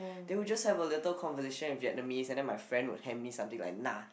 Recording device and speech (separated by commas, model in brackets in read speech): boundary microphone, conversation in the same room